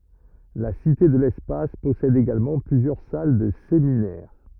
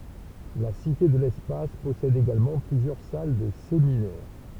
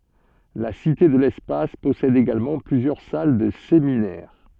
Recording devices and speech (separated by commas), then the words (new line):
rigid in-ear microphone, temple vibration pickup, soft in-ear microphone, read sentence
La Cité de l'espace possède également plusieurs salles de séminaire.